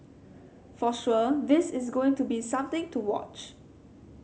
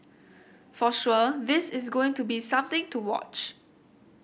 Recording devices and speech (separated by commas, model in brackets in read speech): mobile phone (Samsung C7100), boundary microphone (BM630), read sentence